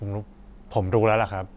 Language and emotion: Thai, neutral